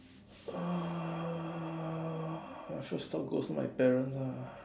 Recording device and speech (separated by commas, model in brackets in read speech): standing microphone, conversation in separate rooms